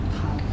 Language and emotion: Thai, sad